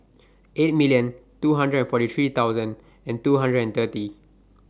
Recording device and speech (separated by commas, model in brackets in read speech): standing microphone (AKG C214), read sentence